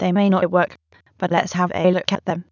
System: TTS, waveform concatenation